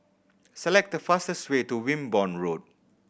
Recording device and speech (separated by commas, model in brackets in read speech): boundary microphone (BM630), read sentence